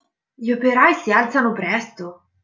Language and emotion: Italian, surprised